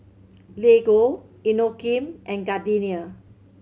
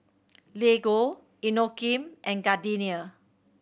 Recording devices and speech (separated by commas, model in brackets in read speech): mobile phone (Samsung C7100), boundary microphone (BM630), read sentence